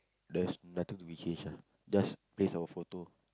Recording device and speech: close-talking microphone, conversation in the same room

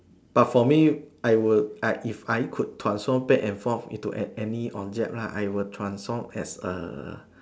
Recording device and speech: standing microphone, conversation in separate rooms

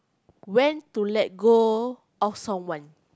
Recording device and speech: close-talking microphone, conversation in the same room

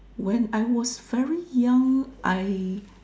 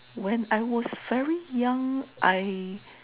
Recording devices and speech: standing microphone, telephone, conversation in separate rooms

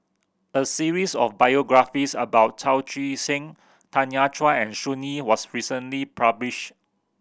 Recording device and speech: boundary microphone (BM630), read sentence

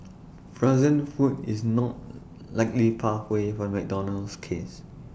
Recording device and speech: boundary microphone (BM630), read sentence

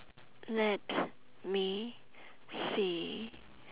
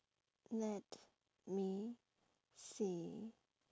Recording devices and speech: telephone, standing microphone, conversation in separate rooms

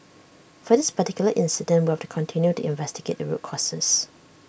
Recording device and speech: boundary microphone (BM630), read sentence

